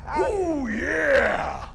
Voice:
exaggerated masculine voice